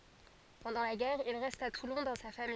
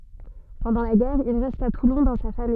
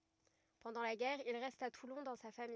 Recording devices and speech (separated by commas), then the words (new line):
forehead accelerometer, soft in-ear microphone, rigid in-ear microphone, read sentence
Pendant la guerre, il reste à Toulon dans sa famille.